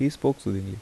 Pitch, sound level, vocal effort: 125 Hz, 77 dB SPL, soft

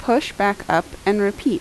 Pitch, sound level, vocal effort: 205 Hz, 80 dB SPL, normal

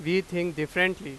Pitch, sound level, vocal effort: 175 Hz, 95 dB SPL, very loud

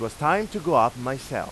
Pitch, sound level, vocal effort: 150 Hz, 95 dB SPL, loud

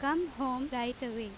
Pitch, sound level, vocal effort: 255 Hz, 88 dB SPL, loud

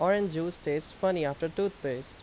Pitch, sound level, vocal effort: 165 Hz, 87 dB SPL, loud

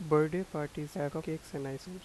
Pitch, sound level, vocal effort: 155 Hz, 84 dB SPL, soft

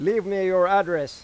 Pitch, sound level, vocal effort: 190 Hz, 98 dB SPL, loud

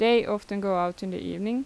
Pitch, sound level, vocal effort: 205 Hz, 85 dB SPL, normal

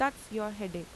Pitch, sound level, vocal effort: 210 Hz, 86 dB SPL, normal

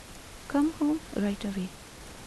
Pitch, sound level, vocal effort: 250 Hz, 76 dB SPL, soft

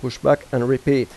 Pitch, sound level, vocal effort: 130 Hz, 86 dB SPL, normal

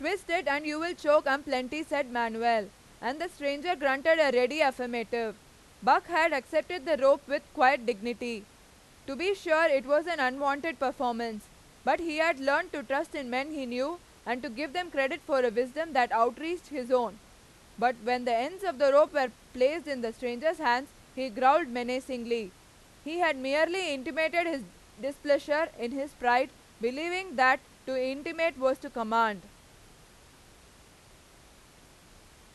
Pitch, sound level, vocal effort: 270 Hz, 98 dB SPL, very loud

